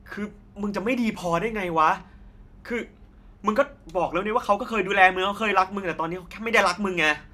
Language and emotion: Thai, frustrated